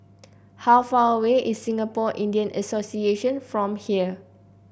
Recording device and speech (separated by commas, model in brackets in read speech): boundary microphone (BM630), read sentence